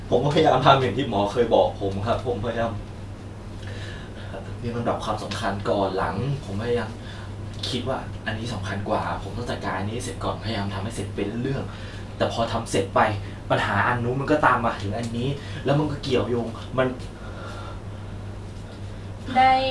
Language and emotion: Thai, sad